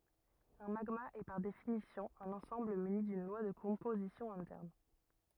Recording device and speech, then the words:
rigid in-ear microphone, read sentence
Un magma est par définition un ensemble muni d'une loi de composition interne.

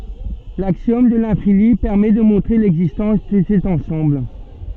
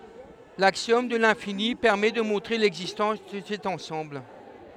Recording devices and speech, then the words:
soft in-ear microphone, headset microphone, read sentence
L'axiome de l'infini permet de montrer l'existence de cet ensemble.

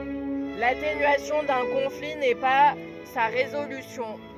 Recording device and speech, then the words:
rigid in-ear microphone, read sentence
L'atténuation d'un conflit n'est pas sa résolution.

